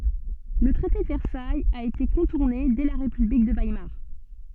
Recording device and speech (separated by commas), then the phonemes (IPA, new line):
soft in-ear microphone, read sentence
lə tʁɛte də vɛʁsajz a ete kɔ̃tuʁne dɛ la ʁepyblik də vajmaʁ